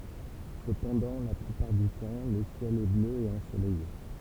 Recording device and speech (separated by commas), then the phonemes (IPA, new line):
temple vibration pickup, read sentence
səpɑ̃dɑ̃ la plypaʁ dy tɑ̃ lə sjɛl ɛ blø e ɑ̃solɛje